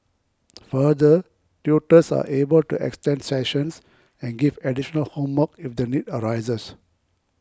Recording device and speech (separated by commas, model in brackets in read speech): close-talking microphone (WH20), read sentence